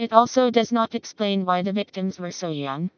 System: TTS, vocoder